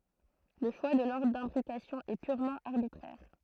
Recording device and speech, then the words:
throat microphone, read sentence
Le choix de l'ordre d'imbrication est purement arbitraire.

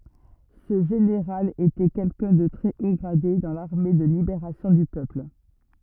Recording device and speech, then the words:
rigid in-ear microphone, read sentence
Ce général était quelqu'un de très haut gradé dans l'armée de Libération du Peuple.

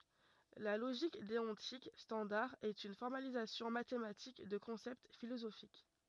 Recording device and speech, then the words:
rigid in-ear microphone, read sentence
La logique déontique standard est une formalisation mathématique de concepts philosophiques.

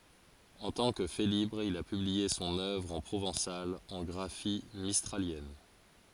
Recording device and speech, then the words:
forehead accelerometer, read sentence
En tant que Félibre, il a publié son œuvre en provençal en graphie mistralienne.

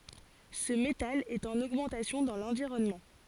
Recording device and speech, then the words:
forehead accelerometer, read sentence
Ce métal est en augmentation dans l'environnement.

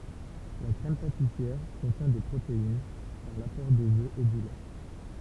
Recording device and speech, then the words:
temple vibration pickup, read sentence
La crème pâtissière contient des protéines, par l'apport des œufs et du lait.

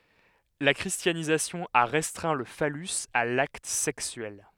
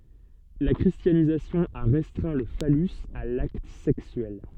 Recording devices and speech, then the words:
headset microphone, soft in-ear microphone, read sentence
La christianisation a restreint le phallus à l’acte sexuel.

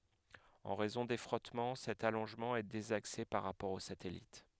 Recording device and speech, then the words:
headset microphone, read sentence
En raison des frottements, cet allongement est désaxé par rapport au satellite.

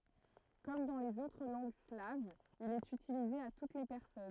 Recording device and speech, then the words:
throat microphone, read sentence
Comme dans les autres langues slaves, il est utilisé à toutes les personnes.

